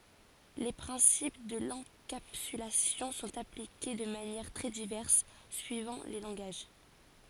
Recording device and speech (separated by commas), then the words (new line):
forehead accelerometer, read sentence
Les principes de l'encapsulation sont appliqués de manières très diverses suivant les langages.